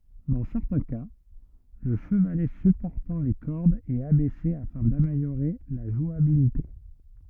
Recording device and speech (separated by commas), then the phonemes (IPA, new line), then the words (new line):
rigid in-ear microphone, read sentence
dɑ̃ sɛʁtɛ̃ ka lə ʃəvalɛ sypɔʁtɑ̃ le kɔʁdz ɛt abɛse afɛ̃ dameljoʁe la ʒwabilite
Dans certains cas, le chevalet supportant les cordes est abaissé afin d'améliorer la jouabilité.